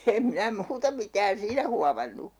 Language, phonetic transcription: Finnish, em 'minä "muuta mitään 'siinä huamannu .
- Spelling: en minä muuta mitään siinä huomannut

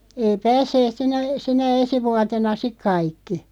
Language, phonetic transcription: Finnish, 'ei "päässeet 'sinä , 'sinä "esi 'vuatena 'sik 'kaikki .
- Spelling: ei päässeet sinä sinä esi vuotena sitten kaikki

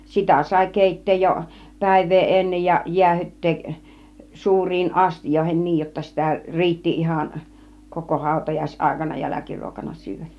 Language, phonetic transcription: Finnish, 'sitä sài "kèit̆teej jo , "pä̀iv̆vee 'ennej ja 'jiähyt̀teeˀ , 'suur̆riin 'astijoihen 'niij jotta sitä 'riitti 'ihan , koko 'hàutăjais 'àikana 'jäläkiruokana syyvä .
- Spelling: sitä sai keittää jo päivää ennen ja jäähdyttää suuriin astioihin niin jotta sitä riitti ihan koko - hautajaisaikana jälkiruokana syödä

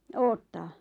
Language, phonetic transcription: Finnish, 'oottaa ?
- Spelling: odottaa

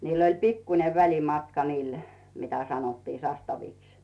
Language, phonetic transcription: Finnish, 'niill ‿oĺ "pikkune 'väĺimatka niil , mitä sanottii 'sastaviks .
- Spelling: niillä oli pikkuinen välimatka niillä mitä sanottiin sastaviksi

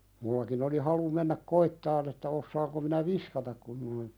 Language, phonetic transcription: Finnish, mullakin ‿oli halu 'mennäk "koittan ‿että 'ossaaŋko minä "viskatak kun noin ,.
- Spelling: minullakin oli halu mennä koettamaan että osaanko minä viskata kun noin

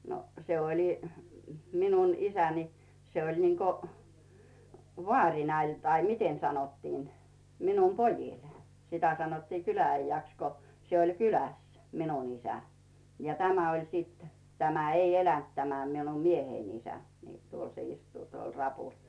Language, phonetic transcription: Finnish, no , 'se oĺi , 'min̳un "isän̳i , 'se oĺ niŋko , 'vᵒàŕina ‿ĺ tai "miten 'sanottiin , 'min̳um "pojìl , 'sitä sanottii "kylä₍'äijjäks ko , 'se oĺ "kyläs , "minun 'isä , ja 'tämä oĺ siit , 'tämä ei "elänt tämä minum 'miehein isä , nii , 'tuol se istuu 'tuol "rapùl .
- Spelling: no se oli minun isäni se oli niin kuin vaarina oli tai miten sanottiin minun pojilla sitä sanottiin kylä-äijäksi kun se oli kylässä minun isä ja tämä oli sitten tämä ei elänyt tämä minun mieheni isä niin tuolla se istuu tuolla rapulla

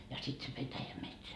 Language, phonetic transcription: Finnish, ja sit se 'petäjämetsä .
- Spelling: ja sitten se petäjämetsä

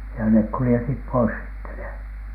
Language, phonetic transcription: Finnish, ja nek kulⁱjetit̳ pois sitte ne .
- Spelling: ja ne kuljetettiin pois sitten ne

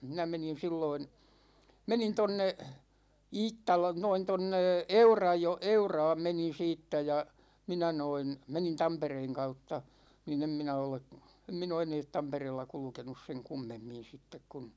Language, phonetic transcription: Finnish, 'minä menin̬ 'silloin̬ , 'menin 'tonne , 'Iittala noin 'tonne , 'Eurajo- , "Euraam 'menin̬ 'siittä ja , 'minä noin , 'menin "Tampereeŋ 'kautta , ni'n ‿em minä ole , em 'min ‿oo 'eneet "Tampereella 'kulᵘkenus seŋ 'kummemmin̬ 'sittek kun̬ ,.
- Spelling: minä menin silloin menin tuonne Iittala noin tuonne - Euraan menin siitä ja minä noin menin Tampereen kautta niin en minä ole en minä ole enää Tampereella kulkenut sen kummemmin sitten kun

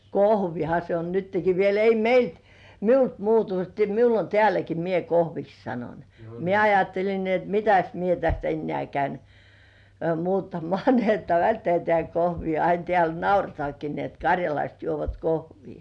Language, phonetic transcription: Finnish, kohvina se o nytteki 'viel , ei "meilt , "miult 'muutu teä miul ‿on 'teäläki mie "kohviks 'sanon , 'mie "ajattelin ni et "mitäs mie täst ‿'ennĕ§ä̀ käin , "muuttamŏ§à ni ‿että "välttĕä̀ tĕä̀ 'kohvi ja 'ain teä̀l "nauretŏ§àki ni ‿et 'kaŕjalaist juovat "kohvii .
- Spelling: kohvina se on nytkin vielä ei meiltä minulta muutu tämä minulla on täälläkin minä kohviksi sanon minä ajattelin niin että mitäs minä tästä enää käyn muuttamaan niin että välttää tämä kohvi ja aina täällä nauretaankin niin että karjalaiset juovat kohvia

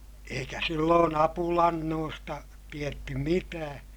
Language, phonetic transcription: Finnish, eikä silloon ‿apulannoosta , tietty mitää .
- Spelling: eikä silloin apulannoista tiedetty mitään

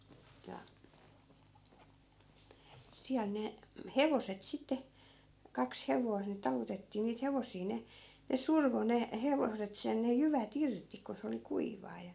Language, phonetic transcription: Finnish, ja , 'siäl ne , "hevoset 'sitte , 'kaks 'hevois ni 'talutettii niit 'hevos̀ii 'ne , ne 'survo 'ne , 'hevoset 'sen ne 'jyvä"t ‿irti ko se oli "kuiv̆vaa ja .
- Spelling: ja siellä ne hevoset sitten kaksi hevosta niin talutettiin niitä hevosia ne ne survoi ne hevoset sen ne jyvät irti kun se oli kuivaa ja

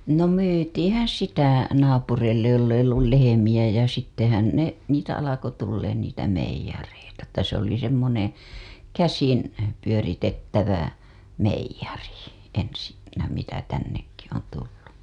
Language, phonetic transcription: Finnish, no 'myytiḭhän̬ "sitä , naapureillej joll ‿eij ‿ollul lehemiʲä ja sittehän ne , niitä alako tulleen niitä 'meij̆jareita että se ‿oli semmoneḛ , "käsin , pyöritettävä , 'meijj̆ari , ensinnä mitä tännekki on tullu .
- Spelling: no myytiinhän sitä naapureille jolla ei ollut lehmiä ja sittenhän ne niitä alkoi tulemaan niitä meijereitä että se oli semmoinen käsin pyöritettävä meijeri ensinnä mitä tännekin on tullut

